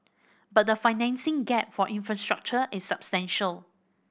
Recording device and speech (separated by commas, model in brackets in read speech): boundary microphone (BM630), read sentence